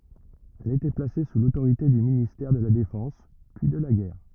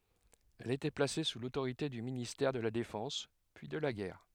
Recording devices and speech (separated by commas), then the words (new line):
rigid in-ear microphone, headset microphone, read sentence
Elle était placée sous l'autorité du ministère de la Défense puis de la Guerre.